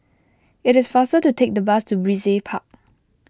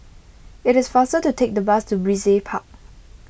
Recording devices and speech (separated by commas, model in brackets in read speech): close-talking microphone (WH20), boundary microphone (BM630), read sentence